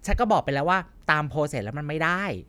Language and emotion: Thai, frustrated